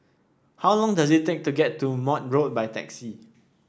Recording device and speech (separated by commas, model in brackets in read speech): standing microphone (AKG C214), read sentence